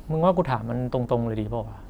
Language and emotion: Thai, frustrated